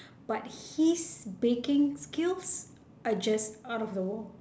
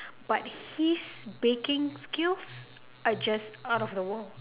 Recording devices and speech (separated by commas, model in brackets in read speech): standing microphone, telephone, conversation in separate rooms